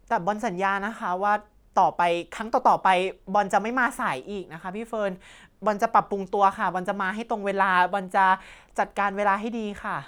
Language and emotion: Thai, sad